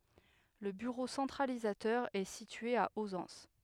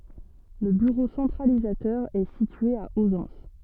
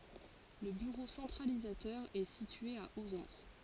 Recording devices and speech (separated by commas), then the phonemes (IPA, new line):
headset microphone, soft in-ear microphone, forehead accelerometer, read sentence
lə byʁo sɑ̃tʁalizatœʁ ɛ sitye a ozɑ̃s